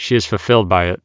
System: none